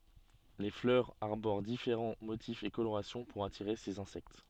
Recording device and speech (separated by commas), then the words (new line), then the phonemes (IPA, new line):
soft in-ear microphone, read sentence
Les fleurs arborent différents motifs et colorations pour attirer ces insectes.
le flœʁz aʁboʁ difeʁɑ̃ motifz e koloʁasjɔ̃ puʁ atiʁe sez ɛ̃sɛkt